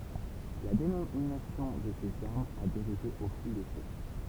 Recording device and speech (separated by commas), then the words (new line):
temple vibration pickup, read sentence
La dénomination de ces armes a dérivé au fil des siècles.